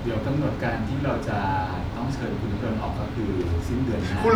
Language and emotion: Thai, neutral